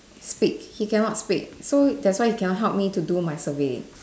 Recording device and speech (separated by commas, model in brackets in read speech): standing microphone, conversation in separate rooms